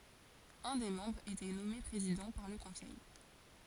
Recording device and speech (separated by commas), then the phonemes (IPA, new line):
forehead accelerometer, read sentence
œ̃ de mɑ̃bʁz etɛ nɔme pʁezidɑ̃ paʁ lə kɔ̃sɛj